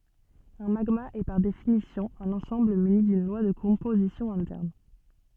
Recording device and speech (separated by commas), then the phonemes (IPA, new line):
soft in-ear microphone, read sentence
œ̃ maɡma ɛ paʁ definisjɔ̃ œ̃n ɑ̃sɑ̃bl myni dyn lwa də kɔ̃pozisjɔ̃ ɛ̃tɛʁn